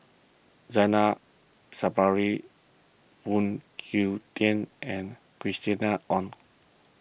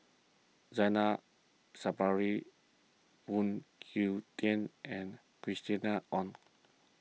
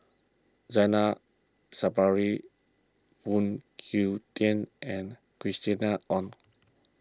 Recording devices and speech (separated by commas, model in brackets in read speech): boundary microphone (BM630), mobile phone (iPhone 6), close-talking microphone (WH20), read sentence